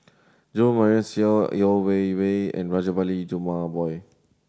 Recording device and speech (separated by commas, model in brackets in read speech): standing microphone (AKG C214), read sentence